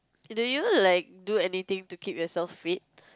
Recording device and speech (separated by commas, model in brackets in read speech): close-talking microphone, conversation in the same room